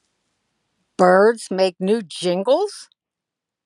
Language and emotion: English, disgusted